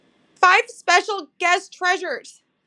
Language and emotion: English, sad